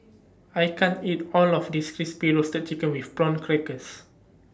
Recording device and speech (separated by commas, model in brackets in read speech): standing microphone (AKG C214), read sentence